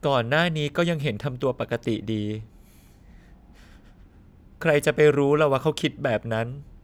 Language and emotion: Thai, sad